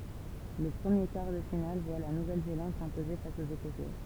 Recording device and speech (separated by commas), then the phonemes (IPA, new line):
temple vibration pickup, read sentence
lə pʁəmje kaʁ də final vwa la nuvɛl zelɑ̃d sɛ̃poze fas oz ekɔsɛ